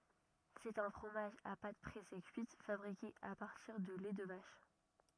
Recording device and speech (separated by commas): rigid in-ear microphone, read sentence